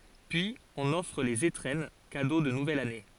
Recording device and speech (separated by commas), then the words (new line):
forehead accelerometer, read sentence
Puis, on offre les étrennes, cadeaux de nouvelle année.